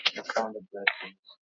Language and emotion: English, angry